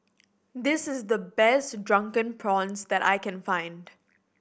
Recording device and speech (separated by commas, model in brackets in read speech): boundary microphone (BM630), read sentence